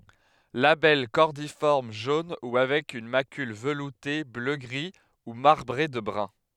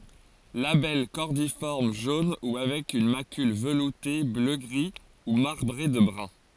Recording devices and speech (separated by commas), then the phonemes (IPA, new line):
headset microphone, forehead accelerometer, read sentence
labɛl kɔʁdifɔʁm ʒon u avɛk yn makyl vəlute bløɡʁi u maʁbʁe də bʁœ̃